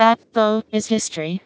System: TTS, vocoder